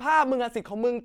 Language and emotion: Thai, angry